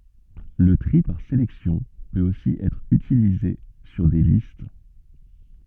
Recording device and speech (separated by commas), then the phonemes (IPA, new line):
soft in-ear microphone, read sentence
lə tʁi paʁ selɛksjɔ̃ pøt osi ɛtʁ ytilize syʁ de list